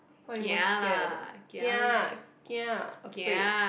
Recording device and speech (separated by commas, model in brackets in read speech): boundary microphone, conversation in the same room